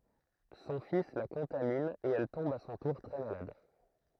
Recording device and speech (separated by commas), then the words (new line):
throat microphone, read sentence
Son fils la contamine et elle tombe à son tour très malade.